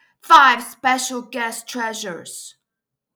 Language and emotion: English, neutral